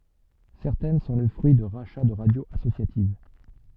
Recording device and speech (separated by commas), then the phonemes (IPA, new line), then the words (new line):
soft in-ear microphone, read sentence
sɛʁtɛn sɔ̃ lə fʁyi də ʁaʃa də ʁadjoz asosjativ
Certaines sont le fruit de rachats de radios associatives.